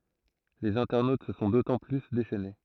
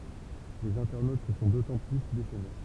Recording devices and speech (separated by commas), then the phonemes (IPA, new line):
throat microphone, temple vibration pickup, read sentence
lez ɛ̃tɛʁnot sə sɔ̃ dotɑ̃ ply deʃɛne